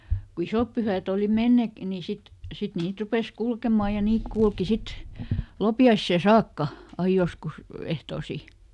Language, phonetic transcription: Finnish, ˈno , ˈsit , ku "isòp pyhä̀t ‿òli ˈmennek- , ni ˈsit , ˈsit ˈniit "rupes ˈkulkemà ja ˈniik kulki ˈsit , "lopi₍aissè "saakka , ˈai joskus , ˈehtoosi .
- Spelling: no sitten kun isot pyhät oli menneet niin sitten sitten niitä rupesi kulkemaan ja niitä kulki sitten loppiaiseen saakka aina joskus ehtoisin

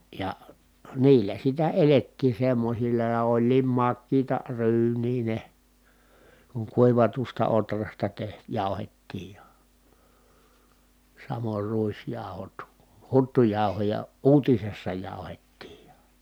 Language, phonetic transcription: Finnish, ja , niillä sitä elettii semmosilla ja oĺliim makkiita ryyǹii ne , kuŋ kuivatusta otrasta teh- , jàu̬hettiij ja , samor ruisjàu̬hot , huttujàu̬hoja , uutisessa jàuhettiij ja .
- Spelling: ja niillä sitä elettiin semmoisilla ja olikin makeita ryynejä ne kun kuivatusta ohrasta - jauhettiin ja samoin ruisjauhot huttujauhoja uutisessa jauhettiin ja

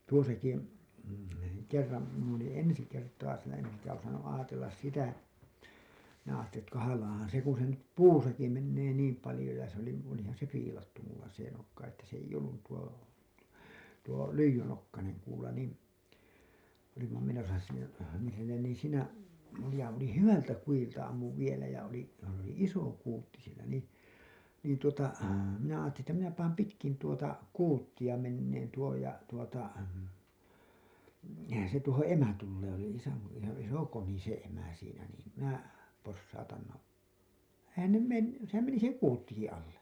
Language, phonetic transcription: Finnish, tuosaki , kerram , min ‿olin 'ensi kertaa siinä en- eŋkä osannu’ ’aatellas 'sitä , minä aattelin ettÄ 'kanalaahan 'se ku se nyt "puusaki 'mennee 'niim palĭjo ja se ‿oli , olihan se 'fiilattu mulla se nokka että s ‿eij ‿ollun§ , tuo , tuo , "lyijynokkaneŋ kuula nìn , olimma menosa siinä , nii sinnen nii siinä , ja oli "hyvältä 'kujilta ammuv vielä ja oli , s ‿oli "iso 'kuutti sielä nì , niin tuota , minä aattelin ‿että minä paam 'pitkin tuota , 'kuuttiʲa menneen tuoj ja , tuota , se tuohoo̰ "emä 'tullee , oli (isä) , iso , 'iso 'koni se 'emä siinä niim , minä , possautan no , "eihän 'ne 'menn- , sehäm meni se "kuuttiki alle .
- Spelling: tuossakin kerran minä olin ensi kertaa siinä - enkä osannut ajatella sitä minä ajattelin että kahlaahan se kun se nyt puussakin menee niin paljon ja se oli olihan se viilattu minulla se nokka että se ei ollut tuo tuo lyijynokkainen kuula niin olimme menossa siinä niin sinne niin siinä ja oli hyvältä kudilta ammuin vielä ja oli se oli iso kuutti siellä niin niin tuota minä ajattelin että minä panen pitkin tuota kuuttia menemään tuon ja tuota se tuohon emä tulee oli isä iso iso koni se emä siinä niin minä posautan no eihän ne - sehän meni se kuuttikin alle

